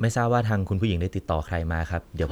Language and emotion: Thai, neutral